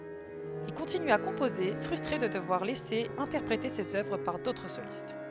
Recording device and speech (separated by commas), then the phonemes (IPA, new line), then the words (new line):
headset microphone, read sentence
il kɔ̃tiny a kɔ̃poze fʁystʁe də dəvwaʁ lɛse ɛ̃tɛʁpʁete sez œvʁ paʁ dotʁ solist
Il continue à composer, frustré de devoir laisser interpréter ses œuvres par d'autres solistes.